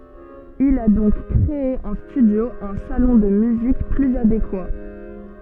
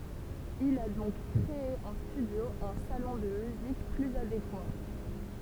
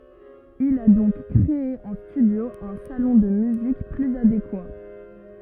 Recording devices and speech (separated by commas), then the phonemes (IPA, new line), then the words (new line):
soft in-ear microphone, temple vibration pickup, rigid in-ear microphone, read sentence
il a dɔ̃k kʁee ɑ̃ stydjo œ̃ salɔ̃ də myzik plyz adekwa
Il a donc créé en studio un salon de musique plus adéquat.